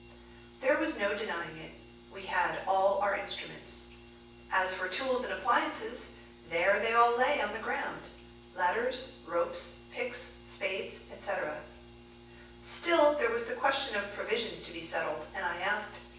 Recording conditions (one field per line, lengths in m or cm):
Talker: one person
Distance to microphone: 9.8 m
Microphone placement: far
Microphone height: 1.8 m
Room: large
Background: none